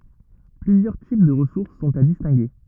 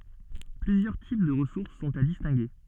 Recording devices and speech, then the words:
rigid in-ear microphone, soft in-ear microphone, read sentence
Plusieurs types de ressources sont à distinguer.

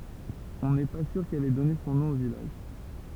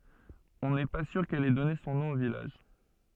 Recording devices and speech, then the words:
temple vibration pickup, soft in-ear microphone, read sentence
On n’est pas sûr qu’elle ait donné son nom au village.

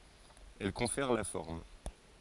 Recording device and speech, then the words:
forehead accelerometer, read sentence
Elle confère la forme.

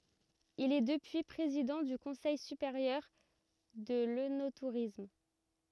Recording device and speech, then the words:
rigid in-ear microphone, read sentence
Il est depuis président du Conseil supérieur de l'œnotourisme.

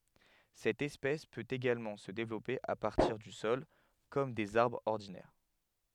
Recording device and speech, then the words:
headset microphone, read sentence
Cette espèce peut également se développer à partir du sol comme des arbres ordinaires.

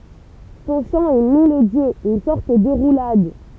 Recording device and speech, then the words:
temple vibration pickup, read sentence
Son chant est mélodieux, une sorte de roulade.

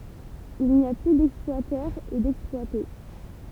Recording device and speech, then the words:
temple vibration pickup, read sentence
Il n'y a plus d'exploiteurs et d'exploités.

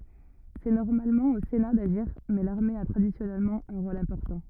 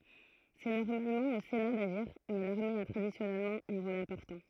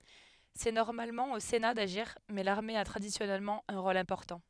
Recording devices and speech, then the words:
rigid in-ear microphone, throat microphone, headset microphone, read sentence
C’est normalement au Sénat d’agir mais l’armée a traditionnellement un rôle important.

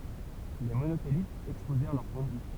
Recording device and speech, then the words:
temple vibration pickup, read sentence
Les Monothélites exposèrent leur point de vue.

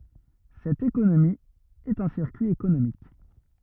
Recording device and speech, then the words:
rigid in-ear microphone, read sentence
Cette économie est un circuit économique.

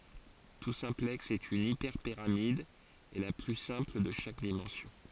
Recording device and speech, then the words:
forehead accelerometer, read sentence
Tout simplexe est une hyperpyramide, et la plus simple de chaque dimension.

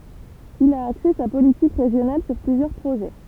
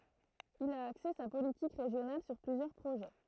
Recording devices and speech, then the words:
temple vibration pickup, throat microphone, read sentence
Il a axé sa politique régionale sur plusieurs projets.

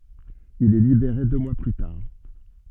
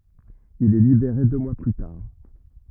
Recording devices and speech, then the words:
soft in-ear microphone, rigid in-ear microphone, read sentence
Il est libéré deux mois plus tard.

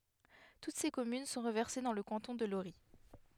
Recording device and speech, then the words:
headset microphone, read sentence
Toutes ses communes sont reversées dans le canton de Lorris.

